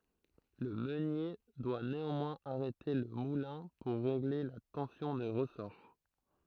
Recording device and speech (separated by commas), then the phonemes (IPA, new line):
throat microphone, read sentence
lə mønje dwa neɑ̃mwɛ̃z aʁɛte lə mulɛ̃ puʁ ʁeɡle la tɑ̃sjɔ̃ de ʁəsɔʁ